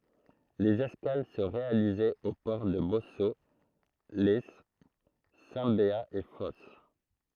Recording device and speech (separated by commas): throat microphone, read sentence